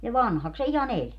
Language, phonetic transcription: Finnish, ja "vanhaks se 'iha"n ‿eĺ .
- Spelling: ja vanhaksi se ihan eli

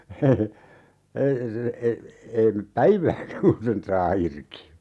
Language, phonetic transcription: Finnish, ei , se , ei , 'ei mep "päivääkä kun sen 'saa 'irki .
- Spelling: ei se ei ei mene päivääkään kun sen saa irti

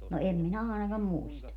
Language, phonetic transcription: Finnish, no 'em minä àenakam "muista .
- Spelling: no en minä ainakaan muista

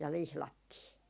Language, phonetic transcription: Finnish, ja 'lihlattii .
- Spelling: ja lihdattiin

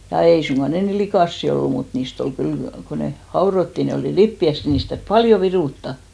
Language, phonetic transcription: Finnish, ja 'ei suŋɢa ne 'ni "likàssi ollu mut 'niist ‿ol 'kyl , ko ne "haorottì ne olì "lippi₍äist , 'niist täyr(y) "paljo 'virùtta .
- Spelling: ja ei suinkaan ne niin likaisia ollut mutta niistä oli kyllä kun ne haudottiin ne oli lipeäistä niistä täytyi paljon viruttaa

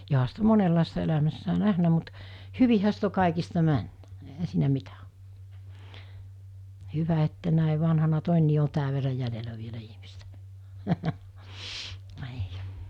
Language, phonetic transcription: Finnish, joɦa sit ‿o 'monellàista 'elämässää "nähnä mut , "hyvihä sit ‿o kàikista 'männᴀ̈ , ehä siinä 'mitä o , 'hyvä että nä̀e vanhana 'tòennii o 'tääv̆ verra jälelä vielä ihmistä , nii .
- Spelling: johan sitä on monenlaista elämässään nähnyt mutta hyvinhän sitä on kaikista mennyt eihän siinä mitä ole hyvä että näin vanhana todenkin on tämän verran jäljellä vielä ihmistä niin

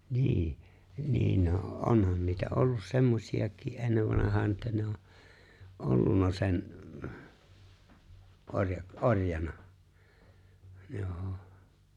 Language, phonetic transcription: Finnish, 'nii , niin no , '’onhan niitä 'ollus semmosi₍aki 'ennev vanahaan̬ että 'ne o , '’ollunna sen , '’oŕja- , '’oŕjana , 'joo₍'o .
- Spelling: niin niin no onhan niitä ollut semmoisiakin ennen vanhaan että ne on ollut sen - orjana joo

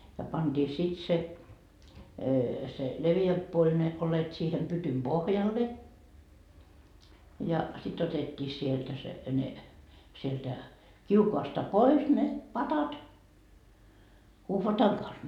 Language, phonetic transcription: Finnish, ja panDii 'sit se , se 'leviämp puoĺ ne , 'olet siihem 'pytym "Bohjalle , ja sit 'otet́t́ii sieltä se , ne , sieltä , "kiukoasta "pois ne , 'patat , 'uhvataŋ kans .
- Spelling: ja pantiin sitten se se leveämpi puoli ne oljet siihen pytyn pohjalle ja sitten otettiin sieltä se ne sieltä kiukaasta pois ne padat uhvatan kanssa

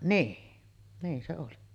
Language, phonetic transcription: Finnish, 'nii , niin se oli .
- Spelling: niin niin se oli

